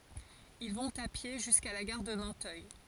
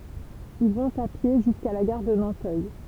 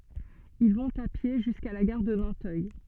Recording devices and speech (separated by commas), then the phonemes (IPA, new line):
forehead accelerometer, temple vibration pickup, soft in-ear microphone, read sentence
il vɔ̃t a pje ʒyska la ɡaʁ də nɑ̃tœj